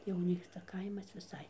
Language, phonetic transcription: Lithuanian, jau ˈnyksta ˈkaimas viˈsai

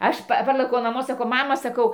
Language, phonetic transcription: Lithuanian, ˈaš ˈpa ˈparlɘkiau naˈmo saˈkau ˈmama saˈkau

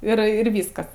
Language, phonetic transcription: Lithuanian, ˈir ir ˈvyskas

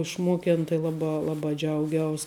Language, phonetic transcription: Lithuanian, išˈmoken tai ˈlaˌbā ˈlaˌbā ˈdžiauˌgiaus

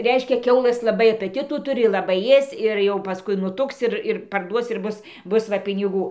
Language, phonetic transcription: Lithuanian, ˈreiškia ˈkiaulɘs laˈbai apətitų ˈturi laˈbai ˈėsc ir jau paˈskui nuˈtuks ˈir ir parˈduos ir ˈbus ˈbus va piniˈgų

